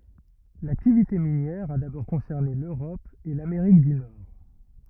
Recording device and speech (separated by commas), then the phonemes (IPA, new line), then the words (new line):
rigid in-ear microphone, read sentence
laktivite minjɛʁ a dabɔʁ kɔ̃sɛʁne løʁɔp e lameʁik dy nɔʁ
L'activité minière a d'abord concerné l'Europe et l'Amérique du Nord.